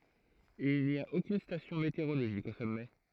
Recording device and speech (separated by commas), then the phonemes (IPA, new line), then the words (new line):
throat microphone, read sentence
il ni a okyn stasjɔ̃ meteoʁoloʒik o sɔmɛ
Il n'y a aucune station météorologique au sommet.